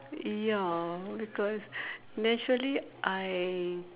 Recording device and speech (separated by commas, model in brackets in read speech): telephone, conversation in separate rooms